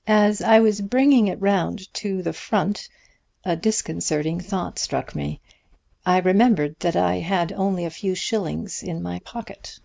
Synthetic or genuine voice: genuine